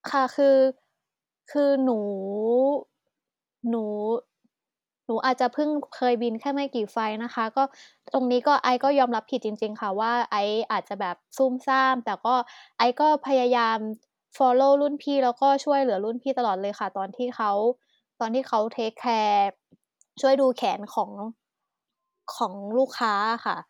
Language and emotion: Thai, frustrated